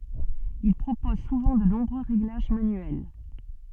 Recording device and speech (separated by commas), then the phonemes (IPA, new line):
soft in-ear microphone, read sentence
il pʁopoz suvɑ̃ də nɔ̃bʁø ʁeɡlaʒ manyɛl